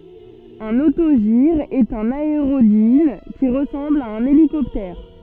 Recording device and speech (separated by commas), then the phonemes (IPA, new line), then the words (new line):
soft in-ear microphone, read sentence
œ̃n otoʒiʁ ɛt œ̃n aeʁodin ki ʁəsɑ̃bl a œ̃n elikɔptɛʁ
Un autogire est un aérodyne qui ressemble à un hélicoptère.